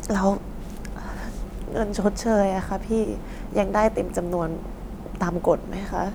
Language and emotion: Thai, sad